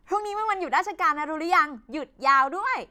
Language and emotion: Thai, happy